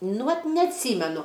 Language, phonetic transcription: Lithuanian, nu ˈvat neatˈsymenu

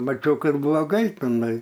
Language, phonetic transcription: Lithuanian, maˈčiau ˈkad bloˈgai tiˈnai

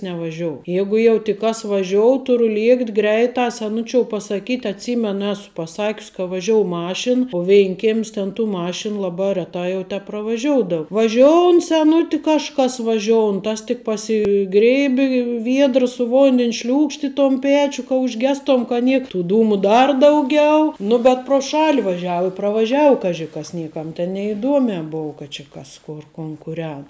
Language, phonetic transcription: Lithuanian, nevaˈžiou ˈjeigu jau tik ˈkas vaˈžiou ˈturu ˈliekt' ˈgreitā seˈnučiou pasaˈkyt' atˈsymenu ˈesu paˈsakius' ka vaˈžiou ˈmašin u ˈveinkėm's ten tų ˈmašinu ˈlabā reˈtā jau tepravaˈžioudau vaˈžioun seˈnuti kažˈkas vaˈžioun ˈtas tik pasiˈgrėbi ˈviedra su ˈvondin' šliūkšt' i ton ˈpėčiu ka užˈgestom ka ˈniek tų ˈdūmu ˈdar dauˈgiau nu bet pro ˈšali vaˈžiau i pravaˈžiau ˈkaži kas ˈniekam ten neiˈduomē ˈbou ka či ˈkas ˈkor kon kuˈren

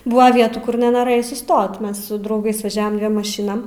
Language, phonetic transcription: Lithuanian, ˈbuva ˈvietų ˈkur nenoˈrɘjai suˈstot ˈmes su drauˈgais vaˈžiavam ˈdviem maˈšinam

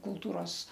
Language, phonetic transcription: Lithuanian, kulˈtūros

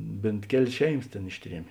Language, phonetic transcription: Lithuanian, ˈbėnt ˈkelės ˈšeiˌmas tėn ˈišˌtriemė

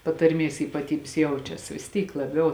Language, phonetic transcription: Lithuanian, patarˈmės ypaˈtybės ˈjaučias vis ˈtyk laˈbiau

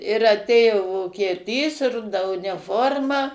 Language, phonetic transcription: Lithuanian, ir aˈtėjo vokieˈtys ˈruda uniˈforma

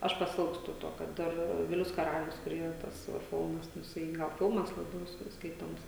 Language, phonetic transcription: Lithuanian, ˈaš paˈsilgstu ˈto kad ˈdar ˈvilius kaˈralius kur ˈyra ˈtas va ˈfilmas nu jiˈsai ˈgal ˈfilmas laˈbiau ˈskai ˈskaitoms

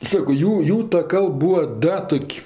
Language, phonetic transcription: Lithuanian, ˈsako ˈjų ˈjų ta ˈkalb ˈbūa ˈda ˈtok'

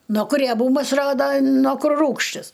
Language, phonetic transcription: Lithuanian, no kur rieˈbūmas ˈrodo no ˈkur ˈrūgštis

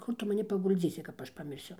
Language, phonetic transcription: Lithuanian, ˈkur tu maˈni pagulˈdzysi kap ˈaš pamirˈsiu

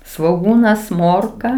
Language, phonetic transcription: Lithuanian, svoˈgūnas ˈmorka

